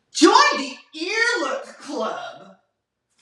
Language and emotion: English, disgusted